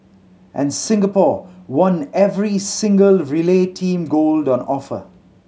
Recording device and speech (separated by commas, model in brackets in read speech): mobile phone (Samsung C7100), read sentence